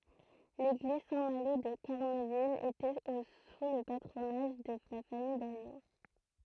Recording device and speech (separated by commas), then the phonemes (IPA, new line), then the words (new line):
throat microphone, read sentence
leɡliz sɛ̃ malo də kaʁnəvil etɛt o su lə patʁonaʒ də la famij daɲo
L'église Saint-Malo de Carneville était au sous le patronage de la famille d'Agneaux.